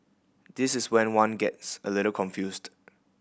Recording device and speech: boundary microphone (BM630), read sentence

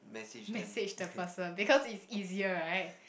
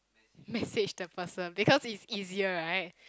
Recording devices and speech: boundary microphone, close-talking microphone, conversation in the same room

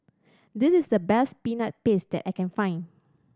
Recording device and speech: standing microphone (AKG C214), read sentence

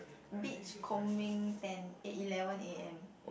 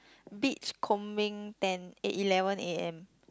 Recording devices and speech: boundary microphone, close-talking microphone, conversation in the same room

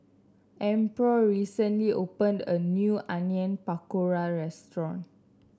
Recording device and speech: standing microphone (AKG C214), read sentence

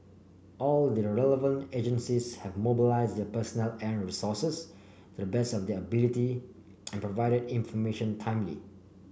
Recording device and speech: boundary microphone (BM630), read sentence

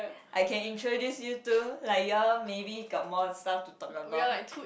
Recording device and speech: boundary microphone, conversation in the same room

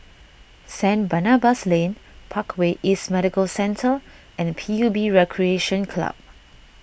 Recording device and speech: boundary microphone (BM630), read sentence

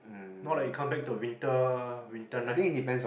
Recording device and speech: boundary microphone, conversation in the same room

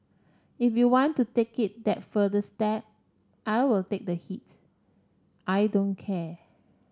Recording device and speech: standing microphone (AKG C214), read sentence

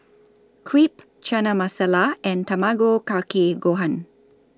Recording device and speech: standing microphone (AKG C214), read sentence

